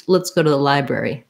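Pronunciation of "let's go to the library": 'Let's go to the library' is said fast, with 'let's go to the' linked together. The t of 'to' is a flap, almost like a d, and its vowel is a schwa.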